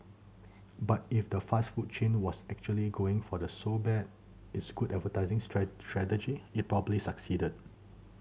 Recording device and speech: mobile phone (Samsung C7100), read sentence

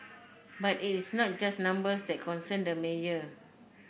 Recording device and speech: boundary microphone (BM630), read sentence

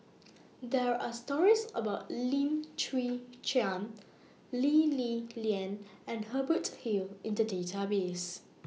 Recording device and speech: mobile phone (iPhone 6), read sentence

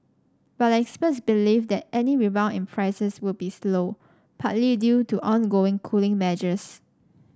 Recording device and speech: standing microphone (AKG C214), read sentence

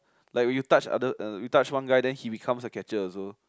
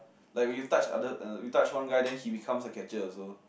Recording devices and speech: close-talking microphone, boundary microphone, conversation in the same room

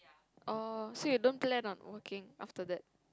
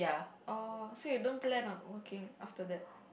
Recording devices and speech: close-talking microphone, boundary microphone, conversation in the same room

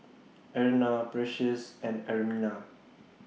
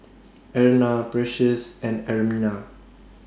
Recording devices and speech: mobile phone (iPhone 6), standing microphone (AKG C214), read sentence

